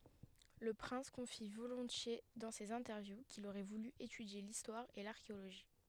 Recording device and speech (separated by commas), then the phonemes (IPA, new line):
headset microphone, read sentence
lə pʁɛ̃s kɔ̃fi volɔ̃tje dɑ̃ sez ɛ̃tɛʁvju kil oʁɛ vuly etydje listwaʁ e laʁkeoloʒi